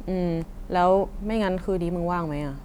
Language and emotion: Thai, frustrated